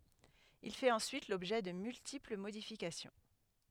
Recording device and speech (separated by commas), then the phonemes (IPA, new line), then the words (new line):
headset microphone, read sentence
il fɛt ɑ̃syit lɔbʒɛ də myltipl modifikasjɔ̃
Il fait ensuite l'objet de multiples modifications.